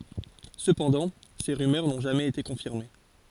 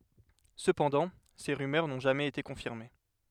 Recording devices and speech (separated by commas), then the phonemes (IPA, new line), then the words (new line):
forehead accelerometer, headset microphone, read sentence
səpɑ̃dɑ̃ se ʁymœʁ nɔ̃ ʒamɛz ete kɔ̃fiʁme
Cependant, ces rumeurs n'ont jamais été confirmées.